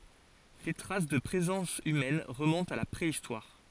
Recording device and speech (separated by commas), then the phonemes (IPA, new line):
forehead accelerometer, read sentence
de tʁas də pʁezɑ̃s ymɛn ʁəmɔ̃tt a la pʁeistwaʁ